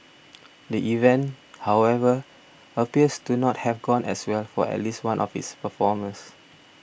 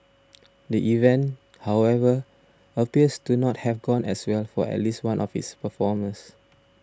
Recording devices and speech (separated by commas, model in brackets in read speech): boundary microphone (BM630), standing microphone (AKG C214), read sentence